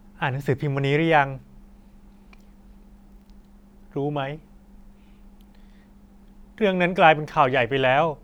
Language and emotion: Thai, sad